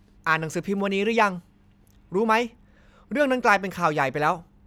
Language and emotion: Thai, angry